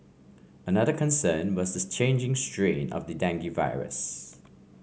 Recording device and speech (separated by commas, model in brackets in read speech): mobile phone (Samsung C5), read sentence